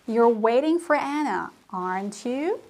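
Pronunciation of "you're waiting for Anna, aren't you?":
The voice goes up on the tag 'aren't you', so it sounds like a real question that the speaker wants answered.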